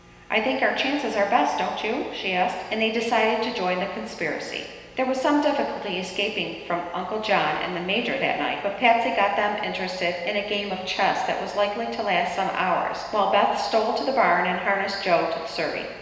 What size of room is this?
A big, echoey room.